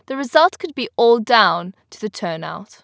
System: none